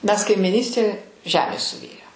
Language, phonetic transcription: Lithuanian, ˈmes kaimiˈnystė ˈžemės suˈvėjo

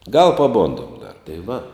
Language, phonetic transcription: Lithuanian, gal paˈbondom dar tai va

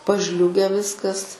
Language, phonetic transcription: Lithuanian, paˈžliuge ˈviskas

